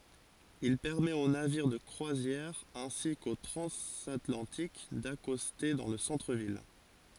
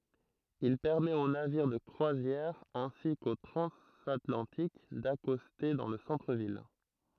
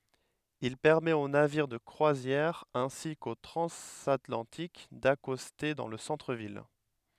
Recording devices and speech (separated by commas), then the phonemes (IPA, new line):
forehead accelerometer, throat microphone, headset microphone, read sentence
il pɛʁmɛt o naviʁ də kʁwazjɛʁ ɛ̃si ko tʁɑ̃zatlɑ̃tik dakɔste dɑ̃ lə sɑ̃tʁəvil